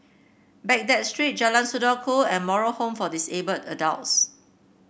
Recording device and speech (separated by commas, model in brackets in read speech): boundary microphone (BM630), read sentence